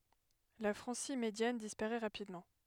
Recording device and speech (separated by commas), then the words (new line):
headset microphone, read sentence
La Francie médiane disparaît rapidement.